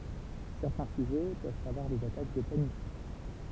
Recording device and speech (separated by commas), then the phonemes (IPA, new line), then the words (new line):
temple vibration pickup, read sentence
sɛʁtɛ̃ syʒɛ pøvt avwaʁ dez atak də panik
Certains sujets peuvent avoir des attaques de panique.